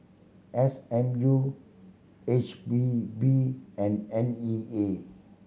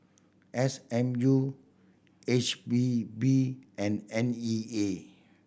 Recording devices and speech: mobile phone (Samsung C7100), boundary microphone (BM630), read sentence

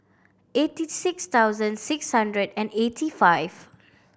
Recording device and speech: boundary microphone (BM630), read sentence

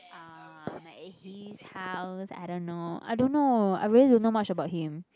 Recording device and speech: close-talking microphone, conversation in the same room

